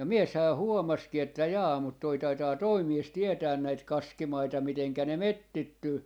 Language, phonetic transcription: Finnish, ja "mieshää 'huomaski että » 'jaa mut 'toi 'taitaa "toi 'mies "tietään näit "kaskimaita 'miteŋkä ne "mettittyy » .
- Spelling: ja mieshän huomasikin että jaa mutta tuo taitaa tuo mies tietää näitä kaskimaita miten ne metsittyy

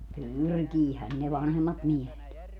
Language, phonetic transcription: Finnish, "pyrkiihän ne 'vanhemmat 'miehet .
- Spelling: pyrkihän ne vanhemmat miehet

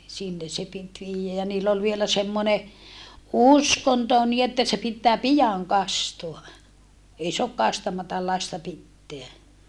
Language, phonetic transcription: Finnish, sinne se pit viijjä ja niill ‿ol vielä semmone , uskonto nii että se pittää pijaŋ kastoa , ei soak kastamatal lasta pitteä .
- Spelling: sinne se piti viedä ja niillä oli vielä semmoinen uskonto niin että se pitää pian kastaa ei saa kastamatta lasta pitää

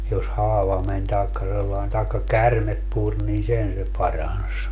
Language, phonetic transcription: Finnish, jos 'haava men taekka sellaen taekka "kärmep 'pur niin "sen se 'parans .
- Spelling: jos haava meni tai sellainen tai käärme puri niin sen se paransi

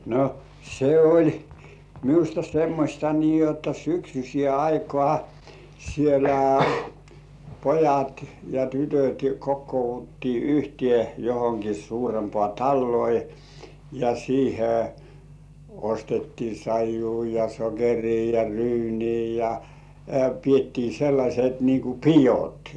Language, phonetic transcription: Finnish, no , se "oĺ 'miusta semmośta nii jotta syksysĭè aikŏà , sielä "pojat ja "tytöt̜ kokkouvuttii 'yhti§è johoŋki suurempŏ§à "talloi , ja siihe , ostettii 'saij̆juu ja 'sokerii ja "ryynii ja , 'piettii sellaśet nii ku "pijot .
- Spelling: no se oli minusta semmoista niin jotta syksyiseen aikaan siellä pojat ja tytöt kokoonnuttiin yhteen johonkin suurempaan taloihin ja siihen ostettiin saijua ja sokeria ja ryyniä ja pidettiin sellaiset niin kuin pidot

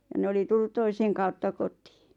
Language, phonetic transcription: Finnish, ja 'ne oli tullut 'toiseŋ kautta 'kot̀ɪɪ .
- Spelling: ja ne oli tullut toisen kautta kotiin

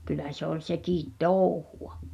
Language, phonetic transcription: Finnish, 'kyl̆lä se ‿ol 'sekìt "tòuhu₍a .
- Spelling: kyllä se oli sekin touhua

